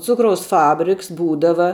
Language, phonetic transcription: Lithuanian, ˈcukraus ˈfabriks ˈbūdava

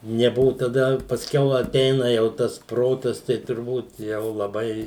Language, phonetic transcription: Lithuanian, neˈbuvu taˈda pasˈkiau aˈteina jau ˈtas ˈprotas tai turˈbūt ˈjau laˈbai

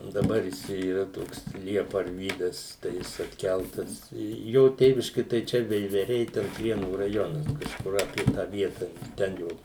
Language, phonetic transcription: Lithuanian, daˈbar ˈjis ˈčia yˈra ˈtoks ˈliepa arˈvydas tai ˈjis atˈkæltas ˈjo ˈtėviški tai ˈčia veiveˈriai ˈten ˈprienų rajonas kažˈkur apie ˈtą ˈvieta ˈten jo

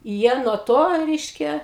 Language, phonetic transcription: Lithuanian, ˈjie nuo ˈto ˈreiškia

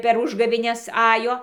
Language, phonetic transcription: Lithuanian, per ˈužgavėnes ˈajo

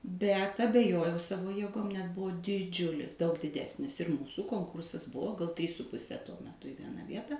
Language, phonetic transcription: Lithuanian, bet abeˈjojau ˈsavo jėˈgom nes ˈbuvo diˈdžiulis daug diˈdesnis ir ˈmūsų ˈkonkursas ˈbuvo gal trys su puˈse tuo meˈtu i ˈviena ˈvieta

